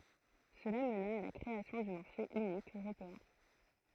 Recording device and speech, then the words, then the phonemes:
throat microphone, read sentence
Cela mena à la création du marché unique européen.
səla məna a la kʁeasjɔ̃ dy maʁʃe ynik øʁopeɛ̃

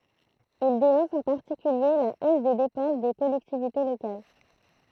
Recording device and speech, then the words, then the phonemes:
throat microphone, read sentence
Il dénonce en particulier la hausse des dépenses des collectivités locales.
il denɔ̃s ɑ̃ paʁtikylje la os de depɑ̃s de kɔlɛktivite lokal

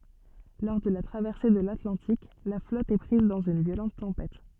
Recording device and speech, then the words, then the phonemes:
soft in-ear microphone, read sentence
Lors de la traversée de l'Atlantique, la flotte est prise dans une violente tempête.
lɔʁ də la tʁavɛʁse də latlɑ̃tik la flɔt ɛ pʁiz dɑ̃z yn vjolɑ̃t tɑ̃pɛt

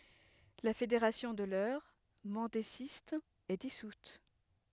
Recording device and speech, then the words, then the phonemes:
headset microphone, read sentence
La fédération de l'Eure, mendésiste, est dissoute.
la fedeʁasjɔ̃ də lœʁ mɑ̃dezist ɛ disut

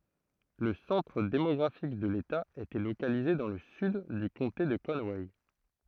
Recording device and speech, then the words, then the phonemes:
throat microphone, read sentence
Le centre démographique de l'État était localisé dans le sud du comté de Conway.
lə sɑ̃tʁ demɔɡʁafik də leta etɛ lokalize dɑ̃ lə syd dy kɔ̃te də kɔnwɛ

